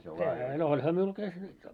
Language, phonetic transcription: Finnish, ehä , no 'oĺha miul 'täs nyt jo .
- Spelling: eihän no olihan minulla tässä nyt jo

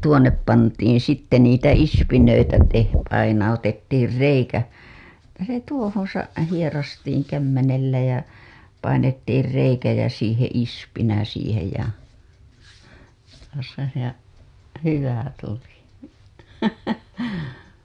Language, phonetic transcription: Finnish, tuoǹep pantiiḭ sitte niitä 'ispinöitä te- , painautettiir 'reikä , se tuohoo̰ sa- , hierastiiŋ kämmenellä jä , painettiir reikä ja siiheḛ 'ispinä siihej ja 'hyvä 'tuli .
- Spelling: tuonne pantiin sitten niitä ispinöitä - painautettiin reikä se tuohon - hieraistiin kämmenellä ja painettiin reikä ja siihen ispinä siihen ja hyvä tuli

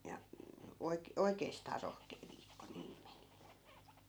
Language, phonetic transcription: Finnish, ja , 'oik- , 'oikeestaa 'rohkee viikko 'niim meni .
- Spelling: ja - oikeastaan rohkea viikko niin meni

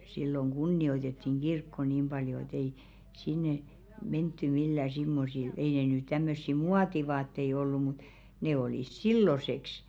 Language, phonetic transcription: Finnish, silloŋ 'ɢunni₍oitettiŋ "ɢirkko 'niim ʙaljo et ‿ei 'sinne , 'mentty millä̀ simmosil , ei ne ny 'tämmössi "muativaattei 'ollu mut , 'ne olìs "silloseks .
- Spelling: silloin kunnioitettiin kirkkoa niin paljon että ei sinne menty millään semmoisilla ei ne nyt tämmöisiä muotivaatteita ollut mutta ne oli silloiseksi

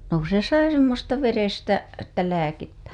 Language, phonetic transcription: Finnish, no ‿ku se 'sai 'semmosta "verestä , että 'lääkettÄ .
- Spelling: no kun se sai semmoista verestä että lääkettä

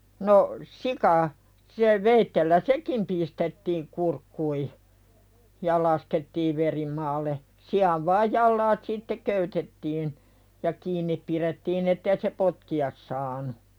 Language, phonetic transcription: Finnish, no , "sika , se 'veittellä "sekim pistettiiŋ kurkkui , ja 'laskettiiv veri maalle , "si₍av vaaj "jallaat sitte 'köytettiin , ja 'kiinnip pirettiin ‿ettei se "potki₍as saanu .
- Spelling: no sika se veitsellä sekin pistettiin kurkkuihin ja laskettiin veri maalle sian vain jalat sitten köytettiin ja kiinni pidettiin että ei se potkia saanut

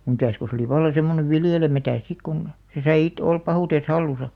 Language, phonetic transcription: Finnish, 'mitä̀s ko se oli valla 'semmone "viljelemätä̀s 'sik kun , se sai it- 'olp 'pahùtes "hallusa .
- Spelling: mitäs kun se oli vallan semmoinen viljelemättä sitten kun se sai - olla pahuutensa hallussa

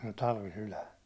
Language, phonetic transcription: Finnish, n̥ 'talvi"sylan̬ .
- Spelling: - talvisydän

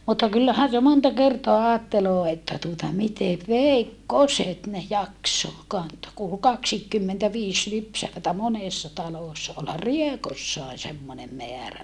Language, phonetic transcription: Finnish, mutta kyllähän se monta kertoa aatteloo että tuota mitev veikkoset ne jakso kantoo , ku ol kaksiikkymmentäviis lypsävätä monèssa talòssa olhar Riekossae semmonem meärä .
- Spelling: mutta kyllähän se monta kertaa ajattelee että tuota miten veikkoset ne jaksoi kantaa kun oli kaksikinkymmentäviisi lypsävää monessa talossa olihan Riekossakin semmoinen määrä

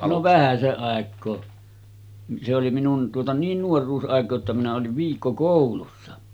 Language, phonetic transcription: Finnish, no 'vähäse’ ’àek̆koo , se oli 'minun , tuota 'niin 'nuor̀uus’aek̀o̳a̳§ että minä oliv 'viikkokòulussa .
- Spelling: no vähäsen aikaa se oli minun tuota niin nuoruusaikaa että minä olin viikkokoulussa

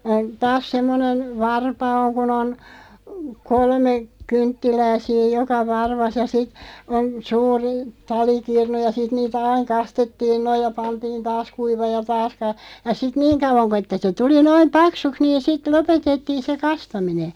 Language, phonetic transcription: Finnish, (ain-) , taas 'semmonen , "varpa (oŋ) kun ‿on , 'kolme , 'kynttilää 'siiʲ "joka 'varvas ja sit , on , 'suuri , 'talikirnu ja 'sit niitä "aiŋ 'kastettiin 'noiʲ ja 'pantiin "taas 'kuivaaʲ ja "taas ka- , ja 'sit "niiŋ kauvaŋ ko että se "tuli 'noim "paksuks niin̬ sit "lopetettiin̬ se 'kastamine .
- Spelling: - taas semmoinen varpa on kun on kolme kynttilää siinä joka varvassa ja sitten on suuri talikirnu ja sitten niitä aina kastettiin noin ja pantiin taas kuivamaan ja taas - ja sitten niin kauan kun että se tuli noin paksuksi niin sitten lopetettiin se kastaminen

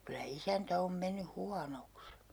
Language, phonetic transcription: Finnish, kylä "isäntä om 'menny "huanoks .
- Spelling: kyllä isäntä on mennyt huonoksi

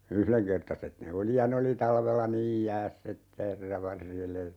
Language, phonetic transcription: Finnish, "yhleŋkertaset ne 'oli ja 'ne oli 'talvella "niij 'jääss ‿että 'herra 'varjele .
- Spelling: yhdenkertaiset ne oli ja ne oli talvella niin jäässä että herra varjele

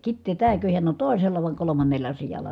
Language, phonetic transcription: Finnish, Kittee tääkö hiän on tòi̮sella vài̮ kolomannella sijal̆la .
- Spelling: Kitee tämäkö hän on toisella vai kolmannella sijalla

